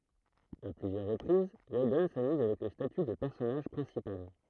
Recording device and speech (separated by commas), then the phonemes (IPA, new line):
throat microphone, read sentence
a plyzjœʁ ʁəpʁiz widɔn samyz avɛk lə staty də pɛʁsɔnaʒ pʁɛ̃sipal